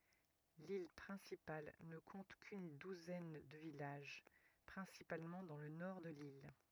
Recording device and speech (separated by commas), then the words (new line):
rigid in-ear microphone, read sentence
L'île principale ne compte qu'une douzaine de villages, principalement dans le nord de l'île.